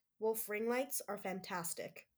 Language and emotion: English, angry